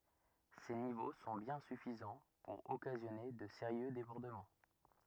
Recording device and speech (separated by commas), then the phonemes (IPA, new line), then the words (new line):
rigid in-ear microphone, read sentence
se nivo sɔ̃ bjɛ̃ syfizɑ̃ puʁ ɔkazjɔne də seʁjø debɔʁdəmɑ̃
Ces niveaux sont bien suffisants pour occasionner de sérieux débordements.